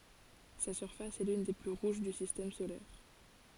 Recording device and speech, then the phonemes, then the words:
forehead accelerometer, read sentence
sa syʁfas ɛ lyn de ply ʁuʒ dy sistɛm solɛʁ
Sa surface est l'une des plus rouges du Système solaire.

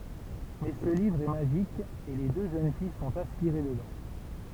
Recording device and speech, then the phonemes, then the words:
temple vibration pickup, read sentence
mɛ sə livʁ ɛ maʒik e le dø ʒøn fij sɔ̃t aspiʁe dədɑ̃
Mais ce livre est magique, et les deux jeunes filles sont aspirées dedans.

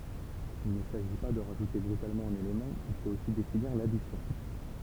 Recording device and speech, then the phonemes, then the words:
temple vibration pickup, read sentence
il nə saʒi pa də ʁaʒute bʁytalmɑ̃ œ̃n elemɑ̃ il fot osi definiʁ ladisjɔ̃
Il ne s'agit pas de rajouter brutalement un élément, il faut aussi définir l'addition.

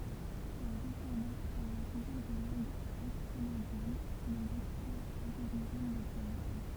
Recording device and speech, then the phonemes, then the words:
temple vibration pickup, read sentence
lœʁ dɛsɑ̃dɑ̃ paʁlɑ̃ tuʒuʁ de lɑ̃ɡz ostʁonezjɛn sɔ̃ lez aktyɛlz aboʁiʒɛn də tajwan
Leurs descendants, parlant toujours des langues austronésiennes, sont les actuels aborigènes de Taïwan.

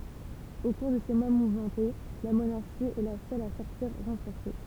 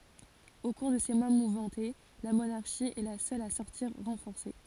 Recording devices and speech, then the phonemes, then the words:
temple vibration pickup, forehead accelerometer, read sentence
o kuʁ də se mwa muvmɑ̃te la monaʁʃi ɛ la sœl a sɔʁtiʁ ʁɑ̃fɔʁse
Au cours de ces mois mouvementés, la monarchie est la seule à sortir renforcée.

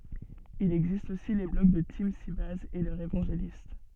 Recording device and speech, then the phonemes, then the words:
soft in-ear microphone, read sentence
il ɛɡzist osi le blɔɡ də timsibɛjz e lœʁz evɑ̃ʒelist
Il existe aussi les blogs de TeamSybase et leurs évangélistes.

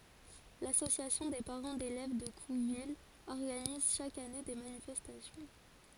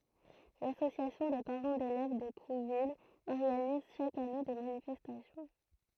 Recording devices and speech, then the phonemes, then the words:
forehead accelerometer, throat microphone, read sentence
lasosjasjɔ̃ de paʁɑ̃ delɛv də kuvil ɔʁɡaniz ʃak ane de manifɛstasjɔ̃
L'Association des parents d’élèves de Couville organise chaque année des manifestations.

